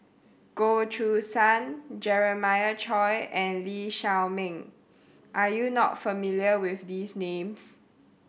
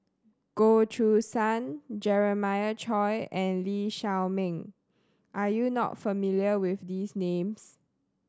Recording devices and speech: boundary microphone (BM630), standing microphone (AKG C214), read sentence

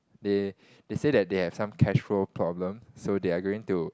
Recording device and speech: close-talking microphone, conversation in the same room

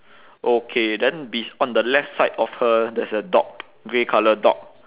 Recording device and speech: telephone, conversation in separate rooms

